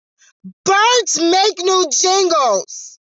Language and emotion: English, sad